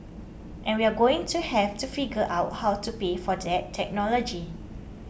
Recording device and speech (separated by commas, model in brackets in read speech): boundary microphone (BM630), read sentence